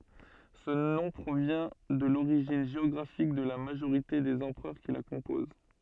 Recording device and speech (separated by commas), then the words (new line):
soft in-ear microphone, read sentence
Ce nom provient de l'origine géographique de la majorité des empereurs qui la composent.